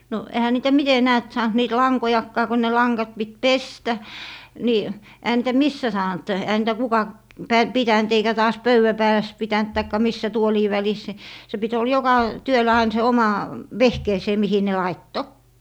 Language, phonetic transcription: Finnish, no 'ehä niitä "mite 'näät 'saant niit "laŋkojakkaa ko ne 'laŋgat pit "pestä , ni , ehä niitä "missä 'saant , ehä niitä 'kuka , pä - 'pitänt eikä taas "pöywä 'pääläs 'pitänt taikka "missä 'tuolii 'välis ni , se pit ol 'joka , 'työlä ain se 'oma , "vehkeesè mihi ne 'laitto .
- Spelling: no eihän niitä miten näet saanut niitä lankojakaan kun ne langat piti pestä niin eihän niitä missä saanut eihän niitä kuka - pitänyt eikä taas pöydän päällä pitänyt tai missä tuolien välissä niin se piti oli joka työllä aina se oma vehkeensä mihin ne laittoi

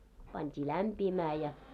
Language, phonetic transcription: Finnish, 'pant́ii "lämpiimää ja .
- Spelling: pantiin lämpiämään ja

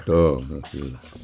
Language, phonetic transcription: Finnish, "tuunneŋ 'kyllä .
- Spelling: tunnen kyllä

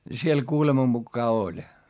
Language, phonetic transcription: Finnish, siel kuulema mukkaa oĺ .
- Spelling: siellä kuuleman mukaan oli

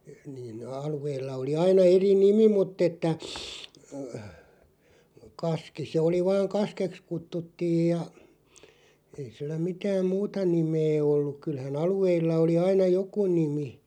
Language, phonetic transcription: Finnish, niin (ne) 'alu₍eilla oli 'aina 'eri "nimi muᵗ ‿että , (e-) 'kaski se oli vaaŋ "kaskeks 'kuttuttiij ja , ei sillä 'mitääm "muuta 'nimee olluᵏ 'kylhä"n ‿alu₍eilla 'oli 'aina "joku 'nimi .
- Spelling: niin ne alueilla oli aina eri nimi mutta että - kaski se oli vain kaskeksi kutsuttiin ja ei sillä mitään muuta nimeä ollut kyllähän alueilla oli aina joku nimi

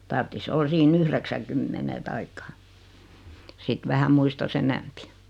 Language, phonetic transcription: Finnish, 'tarttis 'ol sii'n ‿yhreksäŋkymmene 'taikka , sit 'vähä 'muistas "enämpi .
- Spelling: tarvitsisi olla siinä yhdeksänkymmenen tai sitten vähän muistaisi enemmän

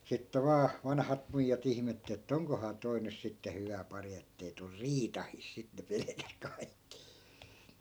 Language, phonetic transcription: Finnish, sitte 'vaa , 'vanhat 'muijjat ‿ihmett että » 'oŋkohaa 'toi nys sitte 'hyvä pari ettei tur "riitahìs » sit ne 'pelᵉkäs 'kai̮kki .
- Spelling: sitten vain vanhat muijat ihmetteli että onkohan tuo nyt sitten hyvä pari että ei tule riitainen sitä ne pelkäsivät kaikki

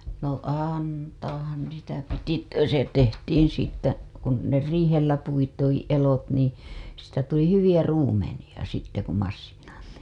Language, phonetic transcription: Finnish, no 'àntaah̀an 'niitä 'piti , (että ku se) tehtiiḭ siittä , kun , ne riihellä puitiiḭ elot nii , siit̀ä tuli 'hyviʲä 'ruumeniʲa , sitte ku massiinattii .
- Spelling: no antaahan niitä piti että kun se tehtiin siitä kun ne riihellä puitiin elot niin siitä tuli hyviä ruumenia sitten kun masiinattiin

